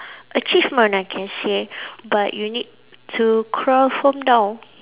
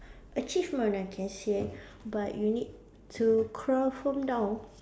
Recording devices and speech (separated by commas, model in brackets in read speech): telephone, standing microphone, conversation in separate rooms